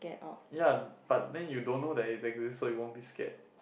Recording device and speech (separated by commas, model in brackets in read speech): boundary microphone, conversation in the same room